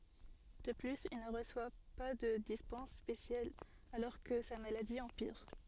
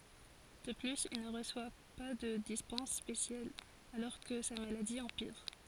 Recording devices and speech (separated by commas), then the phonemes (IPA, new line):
soft in-ear microphone, forehead accelerometer, read sentence
də plyz il nə ʁəswa pa də dispɑ̃s spesjal alɔʁ kə sa maladi ɑ̃piʁ